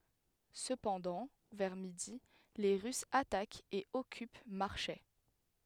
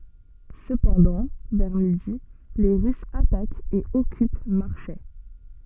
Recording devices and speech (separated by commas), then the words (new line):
headset microphone, soft in-ear microphone, read sentence
Cependant, vers midi, les Russes attaquent et occupent Marchais.